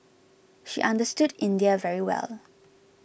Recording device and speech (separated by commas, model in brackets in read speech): boundary microphone (BM630), read sentence